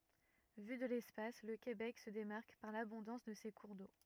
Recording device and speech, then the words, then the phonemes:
rigid in-ear microphone, read sentence
Vu de l'espace, le Québec se démarque par l'abondance de ses cours d'eau.
vy də lɛspas lə kebɛk sə demaʁk paʁ labɔ̃dɑ̃s də se kuʁ do

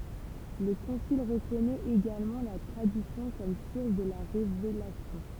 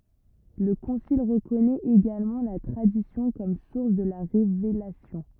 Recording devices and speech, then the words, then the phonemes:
temple vibration pickup, rigid in-ear microphone, read sentence
Le concile reconnaît également la Tradition comme source de la Révélation.
lə kɔ̃sil ʁəkɔnɛt eɡalmɑ̃ la tʁadisjɔ̃ kɔm suʁs də la ʁevelasjɔ̃

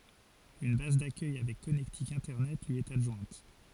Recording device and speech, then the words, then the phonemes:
forehead accelerometer, read sentence
Une base d'accueil avec connectique Internet lui est adjointe.
yn baz dakœj avɛk kɔnɛktik ɛ̃tɛʁnɛt lyi ɛt adʒwɛ̃t

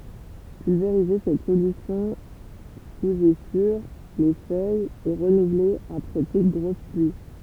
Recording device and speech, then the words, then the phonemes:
temple vibration pickup, read sentence
Pulvériser cette solution sous et sur les feuilles et renouveler après toute grosse pluie.
pylveʁize sɛt solysjɔ̃ suz e syʁ le fœjz e ʁənuvle apʁɛ tut ɡʁos plyi

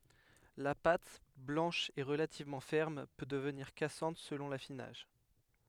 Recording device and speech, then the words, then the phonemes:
headset microphone, read sentence
La pâte, blanche et relativement ferme, peut devenir cassante selon l'affinage.
la pat blɑ̃ʃ e ʁəlativmɑ̃ fɛʁm pø dəvniʁ kasɑ̃t səlɔ̃ lafinaʒ

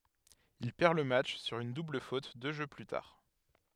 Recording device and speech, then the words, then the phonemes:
headset microphone, read sentence
Il perd le match sur une double faute deux jeux plus tard.
il pɛʁ lə matʃ syʁ yn dubl fot dø ʒø ply taʁ

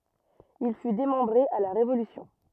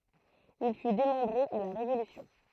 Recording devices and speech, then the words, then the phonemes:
rigid in-ear microphone, throat microphone, read sentence
Il fut démembré à la Révolution.
il fy demɑ̃bʁe a la ʁevolysjɔ̃

